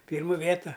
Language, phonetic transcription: Lithuanian, ˈpyrmu ˈvėta

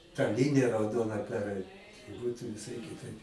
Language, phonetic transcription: Lithuanian, ta ˈlinija rauˈdona perˈait ˈbūtu viˈsai kiˈtaip

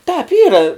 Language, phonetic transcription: Lithuanian, tāp ˈyra

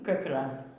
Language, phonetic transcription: Lithuanian, kakˈraz

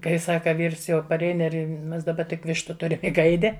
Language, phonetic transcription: Lithuanian, kai ˈsaka ˈvyrs jau paˈrein ˈir ˈmes daˈba tik ˈvištu ˈturim i ˈgaidi

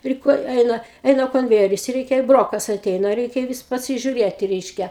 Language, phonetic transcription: Lithuanian, ˈpri ˈko ˈeina ˈeina konˈvejeris ˈreikia ˈbrokas aˈteina ˈreikia ˈvis pasižiuˈrėti ˈreiškia

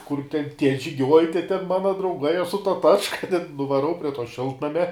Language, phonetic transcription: Lithuanian, kur ten tie žiˈgiuoj te ten ˈmana drauˈgai aš su ta ˈtačka ten nuvaˈrau prie to ˈšiltnamia

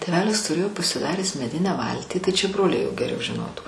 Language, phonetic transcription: Lithuanian, tėˈvelis tuˈrėjo pasiˈdaręs meˈdinę ˈvaltį tai čia ˈbroliai jo geˈriau žiˈnotų

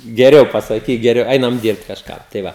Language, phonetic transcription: Lithuanian, geˈriau pasaˈkyk geˈriau ˈeinam ˈdyrbt kažˈką tai ˈva

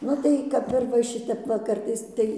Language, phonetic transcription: Lithuanian, ˈnu tai ˈkap ir va ˈšitep ˈva ˈkartais ˈtai

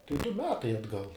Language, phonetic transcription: Lithuanian, tai du ˈmetai atˈgal

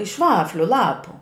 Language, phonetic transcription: Lithuanian, iš ˈvafliu ˈlapu

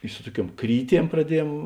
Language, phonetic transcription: Lithuanian, i ˈsu tuoˌkiuom ˈkryˌtiem praˈdiejem

